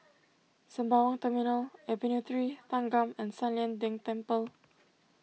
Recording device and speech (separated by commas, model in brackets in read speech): mobile phone (iPhone 6), read sentence